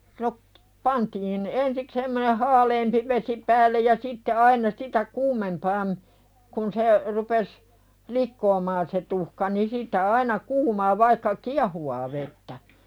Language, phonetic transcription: Finnish, no , 'pantiin , 'ensik semmoneh "haaleempi vesi päällej ja sitte aina 'sitä "kuumempaam , kun se , rupes , "likkoomaan se 'tuhka ni sit̀ä aina 'kuumaa vaikka "ki̬ahuwaa vettä .
- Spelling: no pantiin ensi semmoinen haaleampi vesi päälle ja sitten aina sitä kuumempaan kun se rupesi likoamaan se tuhka niin sitten aina kuumaa vaikka kiehuvaa vettä

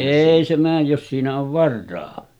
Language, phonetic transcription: Finnish, 'èi se määj jos siinä ov 'varra̳a̳§ .
- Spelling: ei se mene jos siinä on varaa

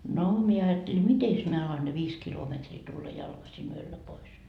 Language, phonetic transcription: Finnish, no , 'mie ajatteli "mites mie alan ne "viis 'kilometrii tulla 'jalkasi'n ‿yöllä pois .
- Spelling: no minä ajattelin mitenkäs minä alan ne viisi kilometriä tulla jalkaisin yöllä pois

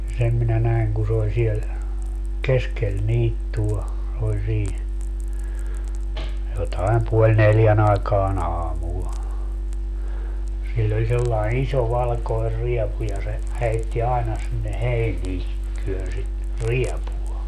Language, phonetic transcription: Finnish, ja 'sem minä 'näi̮ŋ ku s ‿ooĺ siel , "keskel 'niittu₍a , oĺ 'sii , jotaem 'puoĺ "neljän ‿aekaa"n ‿aamul , 'siĺl ‿oĺ sellae"n ‿iso 'valkoer 'riɛpu ja se , 'heitti 'aena sinne "heinii , 'työnsi , "riɛpu₍a .
- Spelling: ja sen minä näin kun se oli siellä keskellä niittyä oli siinä jotakin puoli neljän aikaan aamulla sillä oli sellainen iso valkoinen riepu ja se heitti aina sinne heiniä työnsi riepua

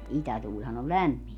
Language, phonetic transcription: Finnish, 'itätuuĺhan ‿o "lämmint .
- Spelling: itätuulihan on lämmintä

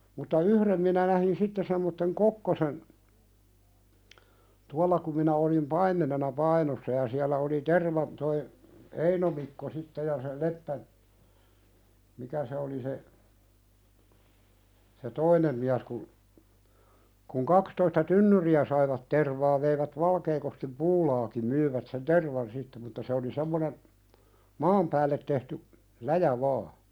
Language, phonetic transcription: Finnish, mutta "yhrem minä nähin 'sitte semmotteŋ "kokkosen , 'tualla kum minä olim "paimmenena "Painossa ja siäl̆lä oli 'terva- , toi , "Eino Mikko 'sitte ja se "Leppä- , "mikä se oli se , se "toinem miäs kun , kuŋ 'kakstoista "tynnyri₍ä saivat 'tervaa veivät 'Valkeekoskim "puulaaki- 'myivät sen "tervan sitte mutta se oli 'semmonen , "maam päället tehty , "läjä vaa .
- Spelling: mutta yhden minä näin sitten semmoisen kokkosen tuolla kun minä olin paimenena Painossa ja siellä oli - tuo Eino Mikko sitten ja se Leppä mikä se oli se se toinen mies kun kun kaksitoista tynnyriä saivat tervaa veivät Valkeakoskeenkin puulaakin myivät sen tervan sitten mutta se oli semmoinen maan päälle tehty läjä vain

